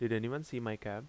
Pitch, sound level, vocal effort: 115 Hz, 82 dB SPL, normal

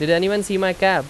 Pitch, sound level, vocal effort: 190 Hz, 91 dB SPL, very loud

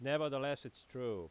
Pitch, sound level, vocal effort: 140 Hz, 92 dB SPL, very loud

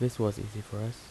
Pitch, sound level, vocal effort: 110 Hz, 76 dB SPL, soft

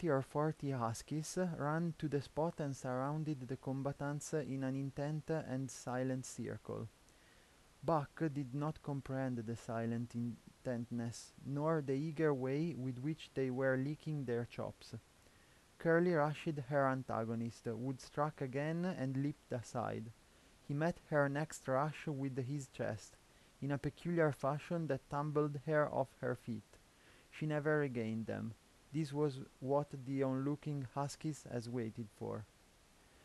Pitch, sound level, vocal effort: 140 Hz, 83 dB SPL, soft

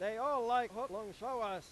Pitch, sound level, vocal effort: 245 Hz, 106 dB SPL, very loud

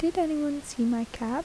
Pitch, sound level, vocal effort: 285 Hz, 76 dB SPL, soft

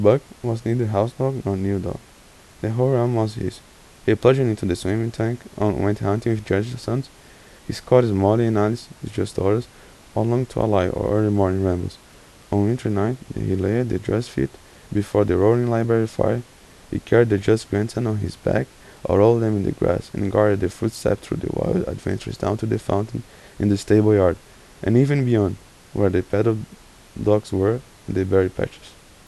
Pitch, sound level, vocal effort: 105 Hz, 80 dB SPL, soft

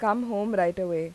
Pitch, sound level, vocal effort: 190 Hz, 87 dB SPL, normal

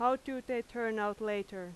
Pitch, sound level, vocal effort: 225 Hz, 90 dB SPL, very loud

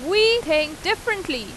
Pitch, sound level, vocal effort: 380 Hz, 94 dB SPL, very loud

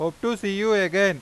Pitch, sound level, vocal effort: 200 Hz, 97 dB SPL, loud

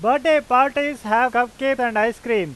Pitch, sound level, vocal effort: 245 Hz, 99 dB SPL, very loud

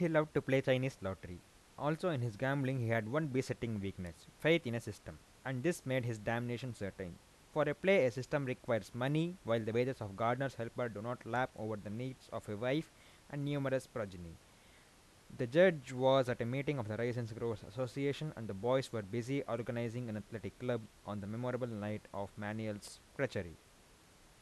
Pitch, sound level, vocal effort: 120 Hz, 86 dB SPL, normal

